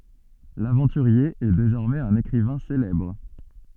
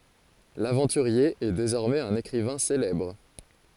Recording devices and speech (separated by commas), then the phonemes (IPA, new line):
soft in-ear microphone, forehead accelerometer, read sentence
lavɑ̃tyʁje ɛ dezɔʁmɛz œ̃n ekʁivɛ̃ selɛbʁ